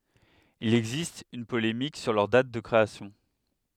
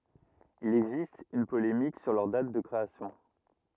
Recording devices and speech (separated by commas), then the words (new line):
headset microphone, rigid in-ear microphone, read sentence
Il existe une polémique sur leur date de création.